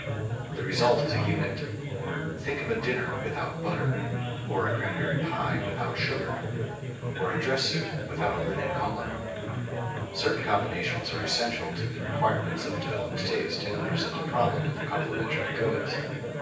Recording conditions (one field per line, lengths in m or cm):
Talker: one person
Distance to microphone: 9.8 m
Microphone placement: far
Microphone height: 1.8 m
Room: large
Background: babble